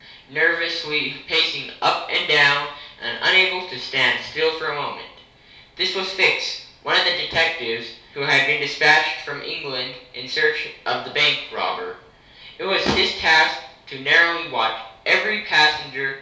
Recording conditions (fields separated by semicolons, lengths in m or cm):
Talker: one person; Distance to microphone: 3.0 m; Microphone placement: far; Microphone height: 1.8 m; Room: small (3.7 m by 2.7 m); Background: none